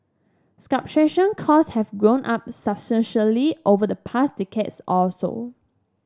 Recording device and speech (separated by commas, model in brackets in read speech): standing microphone (AKG C214), read sentence